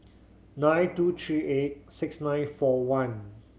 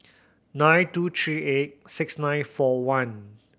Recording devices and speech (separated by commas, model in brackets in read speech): mobile phone (Samsung C7100), boundary microphone (BM630), read sentence